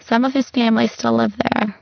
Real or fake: fake